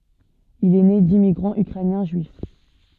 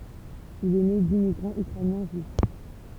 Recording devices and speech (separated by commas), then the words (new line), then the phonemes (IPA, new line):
soft in-ear microphone, temple vibration pickup, read sentence
Il est né d'immigrants ukrainiens juifs.
il ɛ ne dimmiɡʁɑ̃z ykʁɛnjɛ̃ ʒyif